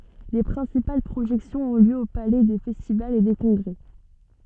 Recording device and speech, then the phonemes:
soft in-ear microphone, read sentence
le pʁɛ̃sipal pʁoʒɛksjɔ̃z ɔ̃ ljø o palɛ de fɛstivalz e de kɔ̃ɡʁɛ

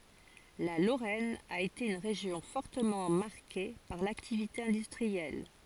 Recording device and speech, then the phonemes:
forehead accelerometer, read sentence
la loʁɛn a ete yn ʁeʒjɔ̃ fɔʁtəmɑ̃ maʁke paʁ laktivite ɛ̃dystʁiɛl

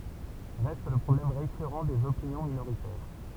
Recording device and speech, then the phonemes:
temple vibration pickup, read sentence
ʁɛst lə pʁɔblɛm ʁekyʁɑ̃ dez opinjɔ̃ minoʁitɛʁ

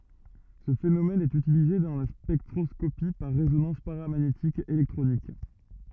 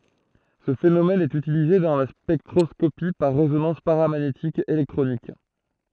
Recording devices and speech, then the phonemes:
rigid in-ear microphone, throat microphone, read sentence
sə fenomɛn ɛt ytilize dɑ̃ la spɛktʁɔskopi paʁ ʁezonɑ̃s paʁamaɲetik elɛktʁonik

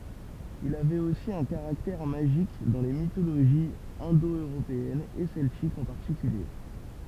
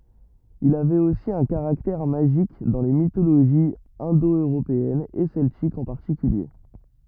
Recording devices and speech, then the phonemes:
temple vibration pickup, rigid in-ear microphone, read sentence
il avɛt osi œ̃ kaʁaktɛʁ maʒik dɑ̃ le mitoloʒiz ɛ̃do øʁopeɛnz e sɛltikz ɑ̃ paʁtikylje

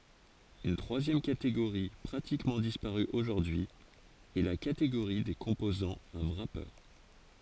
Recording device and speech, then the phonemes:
forehead accelerometer, read sentence
yn tʁwazjɛm kateɡoʁi pʁatikmɑ̃ dispaʁy oʒuʁdyi ɛ la kateɡoʁi de kɔ̃pozɑ̃z a wʁape

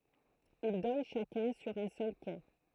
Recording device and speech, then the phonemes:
throat microphone, read sentence
il dɔn ʃakœ̃ syʁ œ̃ sœl ke

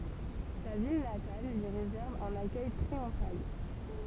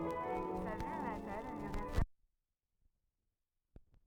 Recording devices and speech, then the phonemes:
temple vibration pickup, rigid in-ear microphone, read sentence
sa vil natal lyi ʁezɛʁv œ̃n akœj tʁiɔ̃fal

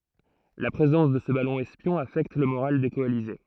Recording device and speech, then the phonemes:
throat microphone, read sentence
la pʁezɑ̃s də sə balɔ̃ ɛspjɔ̃ afɛkt lə moʁal de kɔalize

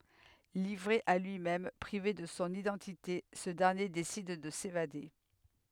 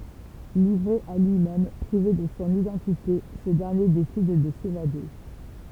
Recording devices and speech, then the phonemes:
headset microphone, temple vibration pickup, read sentence
livʁe a lyimɛm pʁive də sɔ̃ idɑ̃tite sə dɛʁnje desid də sevade

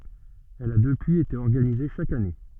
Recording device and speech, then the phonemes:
soft in-ear microphone, read sentence
ɛl a dəpyiz ete ɔʁɡanize ʃak ane

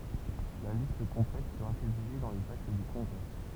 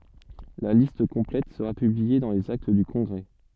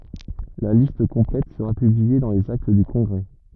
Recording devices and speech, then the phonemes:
temple vibration pickup, soft in-ear microphone, rigid in-ear microphone, read sentence
la list kɔ̃plɛt səʁa pyblie dɑ̃ lez akt dy kɔ̃ɡʁɛ

